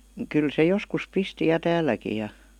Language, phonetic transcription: Finnish, 'kyl se "joskus 'pisti ja "tääìäkij̆ ja ,.
- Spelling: kyllä se joskus pisti ja täälläkin ja

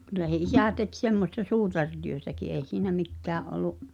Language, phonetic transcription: Finnish, kylä se "isä̀ tek 'semmosta "suutartyötäki '’èi̬ siinä "mikkää’ ’olu .
- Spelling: kyllä se isä teki semmoista suutarityötäkin ei siinä mikään ollut

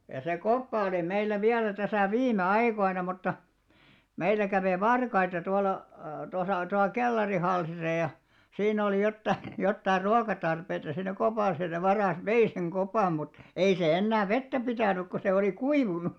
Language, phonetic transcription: Finnish, ja se 'koppa oli 'meillä 'viälä täsä̀ "viime "aikoina mutta , 'meillä kävè "varkaita 'tual̆la , tosà tual "kellarihalsisa ja , 'siin ‿olì jottai , jottair 'ruakatarpeita siinä kopàsa ja se 'varas "vei seŋ 'ɢopam mut , 'ei sè 'ennää "vettä 'pitä̀nyk ko se olì "kuivunu .
- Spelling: ja se koppa oli meillä vielä tässä viime aikoina mutta meillä kävi varkaita tuolla tuossa tuolla kellarihalssissa ja siinä oli jotakin jotakin ruokatarpeita siinä kopassa ja se varas vei sen kopan mutta ei se enää vettä pitänyt kun se oli kuivunut

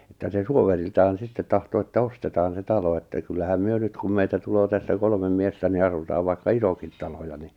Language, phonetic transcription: Finnish, että se 'suoveriltaan̬ 'sittet tahto että 'ostetaan se 'talo että kyllähäm 'myö 'nyt kum meitä 'tuloo tässä 'kolmem 'miestä ni 'asutaav vaikka "isokit 'talo ni .
- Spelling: että se suoveriltaan sitten tahtoi että ostetaan se talo että kyllähän me nyt kun meitä tulee tässä kolme miestä niin asutaan vaikka isokin talo niin

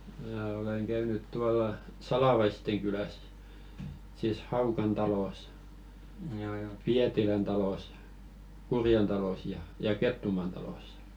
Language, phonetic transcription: Finnish, mää oleŋ käynyt 'tuala "Salàvaisteŋ kyläs , sìs 'Haukan talòs , "Piätilän talòs , 'Kurjen talòs ja , ja "Kettumàn talòssᴀ .
- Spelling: minä olen käynyt tuolla Salavaisten kylässä sitten Haukan talossa Pietilän talossa Kurjen talossa ja ja Kettumaan talossa

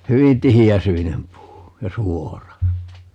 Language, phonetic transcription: Finnish, 'hyvin "tihi₍äsyinem 'puu , ja "suora .
- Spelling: hyvin tiheäsyinen puu ja suora

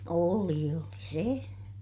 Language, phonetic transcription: Finnish, ooli oli se .
- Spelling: oli oli se

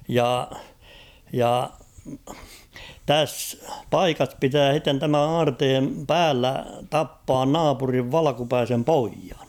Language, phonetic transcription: Finnish, ja , ja , 'täss , "paikas 'pitää h̬itten tämän̬ 'aarteem "päällä "tappaan "naapuriv "valᵃkupäisem ''poijᴀɴ .
- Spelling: ja ja tässä paikassa pitää sitten tämän aarteen päällä tappaa naapurin valkeapäisen pojan

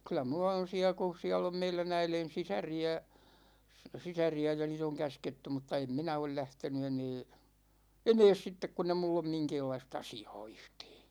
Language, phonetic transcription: Finnish, 'kyl̆lä mulla on̬ 'siä ku̬ , 'siäll ‿om 'meilä"n ‿äilen̬ 'sisäri₍ä , 'sisäri₍ä ja 'niit ‿oŋ "käsketty mutta "em minä ol 'lähtenu 'enee , 'enees 'sittek kun ‿e 'mull ‿om 'miŋkeellais"t ‿asi₍a̭a̭§ 'yhtEE .
- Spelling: kyllä minulla on siellä kun siellä on meidän äidin sisaria sisaria ja niitä on käsketty mutta en minä ole lähtenyt enää enää sitten kun ei minulla ole minkäänlaista asiaa yhtään

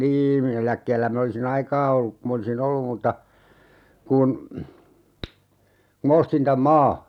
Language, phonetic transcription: Finnish, "niim mi'n ‿eläkkeellä 'min ‿olisi"n ‿aikaa olluk ku 'm ‿olisi"n ‿ollum mutta , kun , ku ma 'ostin täm "maa .
- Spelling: niin minä eläkkeellä minä olisin aikaa ollut kun minä olisin ollut mutta kun kun minä ostin tämän maan

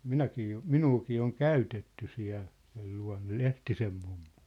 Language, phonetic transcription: Finnish, minäkii jo , "minuukii oŋ "käytetty 'siä̭l , sel lua̭nna "Lehtisem mummᴜ .
- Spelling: minäkin jo minuakin on käytetty siellä sen luona Lehtisen mummo

